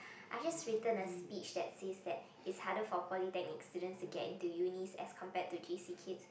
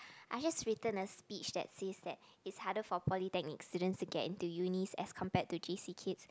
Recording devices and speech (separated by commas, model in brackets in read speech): boundary microphone, close-talking microphone, conversation in the same room